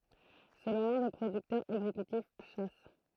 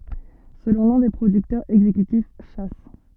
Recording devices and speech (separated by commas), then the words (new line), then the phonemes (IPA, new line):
throat microphone, soft in-ear microphone, read sentence
Selon l'un des producteurs exécutifs, Chas.
səlɔ̃ lœ̃ de pʁodyktœʁz ɛɡzekytif ʃa